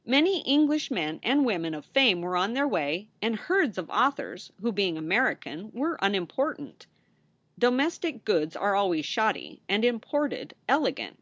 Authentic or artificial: authentic